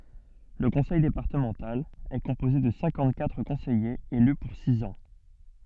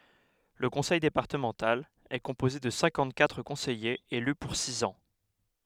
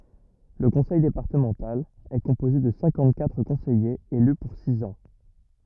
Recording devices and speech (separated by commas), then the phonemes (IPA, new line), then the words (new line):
soft in-ear microphone, headset microphone, rigid in-ear microphone, read sentence
lə kɔ̃sɛj depaʁtəmɑ̃tal ɛ kɔ̃poze də sɛ̃kɑ̃t katʁ kɔ̃sɛjez ely puʁ siz ɑ̃
Le conseil départemental est composé de cinquante-quatre conseillers élus pour six ans.